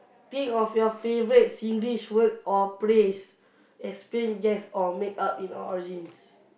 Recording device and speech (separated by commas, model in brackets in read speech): boundary microphone, conversation in the same room